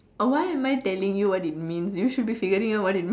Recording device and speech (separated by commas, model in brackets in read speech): standing microphone, conversation in separate rooms